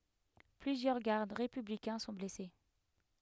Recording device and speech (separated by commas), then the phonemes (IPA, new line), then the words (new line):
headset microphone, read sentence
plyzjœʁ ɡaʁd ʁepyblikɛ̃ sɔ̃ blɛse
Plusieurs gardes républicains sont blessés.